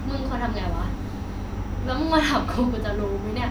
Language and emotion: Thai, frustrated